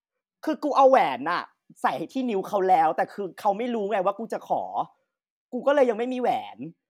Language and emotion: Thai, frustrated